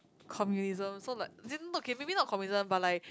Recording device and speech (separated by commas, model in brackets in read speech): close-talking microphone, conversation in the same room